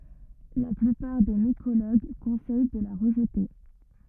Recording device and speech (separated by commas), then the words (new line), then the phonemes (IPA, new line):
rigid in-ear microphone, read sentence
La plupart des mycologues conseillent de la rejeter.
la plypaʁ de mikoloɡ kɔ̃sɛj də la ʁəʒte